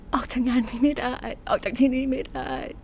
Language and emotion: Thai, sad